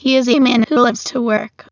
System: TTS, waveform concatenation